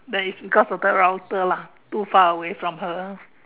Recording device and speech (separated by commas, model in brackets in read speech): telephone, conversation in separate rooms